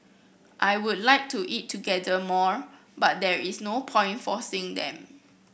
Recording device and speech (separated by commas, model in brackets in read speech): boundary microphone (BM630), read sentence